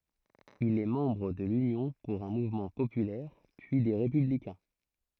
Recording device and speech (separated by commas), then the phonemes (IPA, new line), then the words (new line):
throat microphone, read sentence
il ɛ mɑ̃bʁ də lynjɔ̃ puʁ œ̃ muvmɑ̃ popylɛʁ pyi de ʁepyblikɛ̃
Il est membre de l'Union pour un mouvement populaire, puis des Républicains.